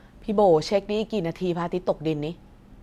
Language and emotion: Thai, frustrated